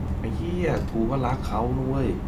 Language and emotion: Thai, frustrated